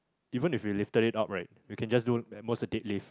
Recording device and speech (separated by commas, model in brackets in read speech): close-talking microphone, conversation in the same room